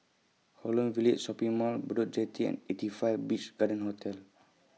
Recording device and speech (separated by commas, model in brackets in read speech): mobile phone (iPhone 6), read sentence